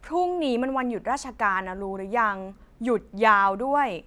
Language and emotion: Thai, frustrated